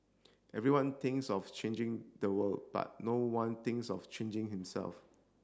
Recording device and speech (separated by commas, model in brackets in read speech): standing microphone (AKG C214), read sentence